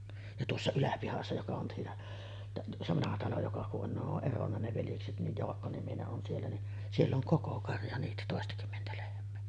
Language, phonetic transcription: Finnish, ja "tuossa 'Yläpihassa joka on siinä , tä-ˀ , se 'vanaha talo joka ku’ ’on ne ‿oˀ "ˀeronna ne 'veljekset nij "Joakko-nimine’ ’on 'siellä ni , "siell ‿oŋ 'koko karja niitä 'tòestakymmentä lehm̀ee .
- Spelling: ja tuossa Yläpihassa joka on siinä - se vanha talo joka kun on ne on eronnut ne veljekset niin Jaakko-niminen on siellä niin siellä on koko karja niitä toistakymmentä lehmää

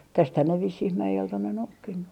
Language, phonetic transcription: Finnish, tästhän ne vissih 'mäjelt on ne 'noukkinnu .
- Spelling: tästähän ne vissiin mäeltä on ne noukkinut

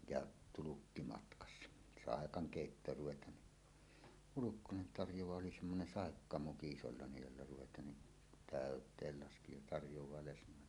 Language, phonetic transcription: Finnish, ja , "tulukki 'matkassa , "sàekaŋ 'kèittoor 'ruvet̀aan ni , 'Hulukkonen tarjowaa 'oli 'semmonen "sàekkamuki 'isollàenej jolla ruvet̀aan ni , "tä̀öt̀eel 'laski ja tarjowaa lesǹòelle .
- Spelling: ja tulkki matkassa saakaan keittoon ruvetaan niin Hulkkonen tarjoaa oli semmoinen saikkamuki isolla jolla ruvetaan niin täyteen laski ja tarjoaa lesnoille

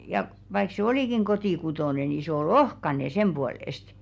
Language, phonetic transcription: Finnish, ja , vaik se "olìkiŋ 'kotìkutòne ni sᵉ ‿o"ˡ ‿ohkane 'semʙuolèst .
- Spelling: ja vaikka se olikin kotikutoinen niin se oli ohkainen sen puolesta

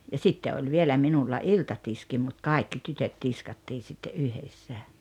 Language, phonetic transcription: Finnish, ja "sitte oĺ 'vielä 'minulla "iltatiski mut "kàikki 'tytöt 'tiskattii sitte "’yhessä .
- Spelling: ja sitten oli vielä minulla iltatiski mutta kaikki tytöt tiskattiin sitten yhdessä

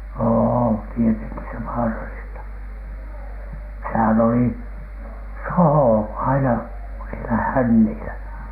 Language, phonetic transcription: Finnish, oo , tieteŋki se "vaaralista , sehän oli , "sohò aina sielä 'hännìlä .
- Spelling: on tietenkin se vaarallista sehän oli soho aina siellä hännillä

